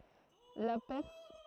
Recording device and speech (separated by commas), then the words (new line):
throat microphone, read sentence
La pers.